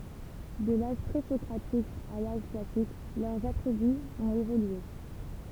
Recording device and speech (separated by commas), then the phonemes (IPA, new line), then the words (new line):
temple vibration pickup, read sentence
də laʒ pʁezɔkʁatik a laʒ klasik lœʁz atʁibyz ɔ̃t evolye
De l'âge pré-socratique à l'âge classique, leurs attributs ont évolué.